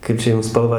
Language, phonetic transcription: Lithuanian, ˈkaip čia ˈjum spalˈvą

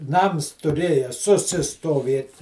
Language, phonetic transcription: Lithuanian, ˈnams tuˈrėja susistoˈvėt

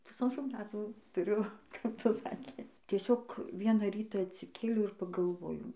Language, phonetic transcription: Lithuanian, pusanˈtrų ˈmetų tuˈriu kap ˈtas ˈsakė tieˈsiog ˈviena ˈryta atsiˈkėliau ir pagalˈvojau

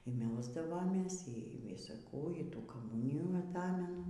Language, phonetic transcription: Lithuanian, y ˈmelsdavomės y ˈvisa ˈkų y ˈtų kaˈmunijų aˈtamenu

